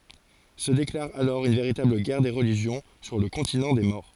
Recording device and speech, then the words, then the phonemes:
forehead accelerometer, read sentence
Se déclare alors une véritable guerre des religions sur le continent des morts.
sə deklaʁ alɔʁ yn veʁitabl ɡɛʁ de ʁəliʒjɔ̃ syʁ lə kɔ̃tinɑ̃ de mɔʁ

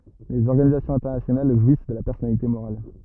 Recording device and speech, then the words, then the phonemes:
rigid in-ear microphone, read sentence
Les organisations internationales jouissent de la personnalité morale.
lez ɔʁɡanizasjɔ̃z ɛ̃tɛʁnasjonal ʒwis də la pɛʁsɔnalite moʁal

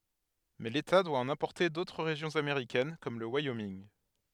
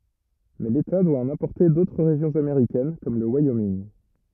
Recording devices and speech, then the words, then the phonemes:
headset microphone, rigid in-ear microphone, read sentence
Mais l’État doit en importer d’autres régions américaines comme le Wyoming.
mɛ leta dwa ɑ̃n ɛ̃pɔʁte dotʁ ʁeʒjɔ̃z ameʁikɛn kɔm lə wajominɡ

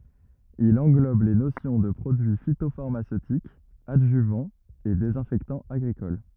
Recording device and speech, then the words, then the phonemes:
rigid in-ear microphone, read sentence
Il englobe les notions de produit phytopharmaceutique, adjuvant et désinfectant agricole.
il ɑ̃ɡlɔb le nosjɔ̃ də pʁodyi fitofaʁmasøtik adʒyvɑ̃ e dezɛ̃fɛktɑ̃ aɡʁikɔl

